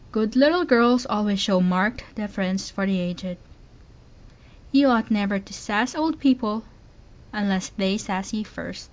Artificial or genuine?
genuine